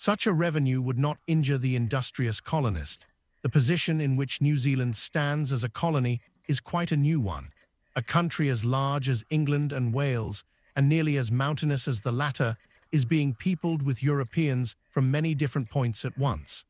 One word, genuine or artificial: artificial